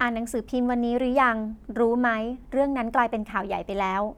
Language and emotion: Thai, neutral